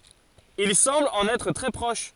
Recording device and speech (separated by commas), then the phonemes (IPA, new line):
forehead accelerometer, read sentence
il sɑ̃bl ɑ̃n ɛtʁ tʁɛ pʁɔʃ